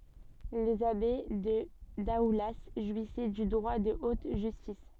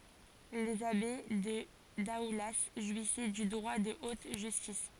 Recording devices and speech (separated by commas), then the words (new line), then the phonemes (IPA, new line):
soft in-ear microphone, forehead accelerometer, read sentence
Les abbés de Daoulas jouissaient du droit de haute justice.
lez abe də daula ʒwisɛ dy dʁwa də ot ʒystis